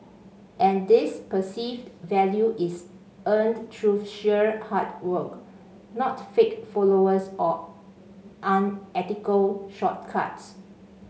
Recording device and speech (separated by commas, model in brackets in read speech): mobile phone (Samsung C5), read sentence